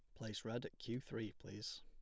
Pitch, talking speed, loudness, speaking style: 110 Hz, 220 wpm, -48 LUFS, plain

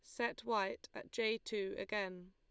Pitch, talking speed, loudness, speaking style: 205 Hz, 170 wpm, -40 LUFS, Lombard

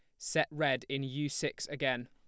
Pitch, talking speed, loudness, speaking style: 135 Hz, 190 wpm, -34 LUFS, plain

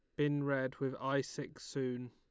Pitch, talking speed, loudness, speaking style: 135 Hz, 190 wpm, -38 LUFS, Lombard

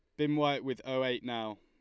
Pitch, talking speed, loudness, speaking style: 130 Hz, 255 wpm, -33 LUFS, Lombard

